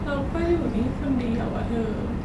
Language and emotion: Thai, sad